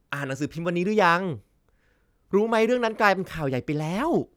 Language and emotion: Thai, happy